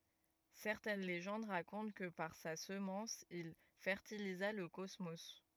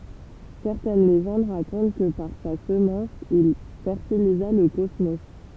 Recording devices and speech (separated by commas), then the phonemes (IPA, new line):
rigid in-ear microphone, temple vibration pickup, read sentence
sɛʁtɛn leʒɑ̃d ʁakɔ̃t kə paʁ sa səmɑ̃s il fɛʁtiliza lə kɔsmo